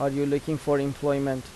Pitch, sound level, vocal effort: 145 Hz, 86 dB SPL, normal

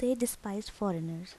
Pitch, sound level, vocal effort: 205 Hz, 77 dB SPL, soft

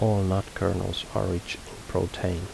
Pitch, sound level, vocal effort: 95 Hz, 73 dB SPL, soft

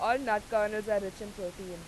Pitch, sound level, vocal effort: 210 Hz, 94 dB SPL, very loud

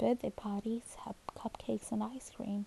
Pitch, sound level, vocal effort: 225 Hz, 72 dB SPL, soft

